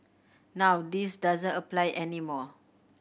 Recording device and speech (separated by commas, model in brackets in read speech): boundary microphone (BM630), read sentence